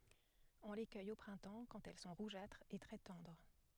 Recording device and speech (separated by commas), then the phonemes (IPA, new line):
headset microphone, read sentence
ɔ̃ le kœj o pʁɛ̃tɑ̃ kɑ̃t ɛl sɔ̃ ʁuʒatʁz e tʁɛ tɑ̃dʁ